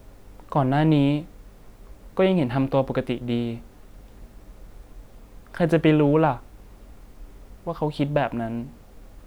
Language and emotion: Thai, sad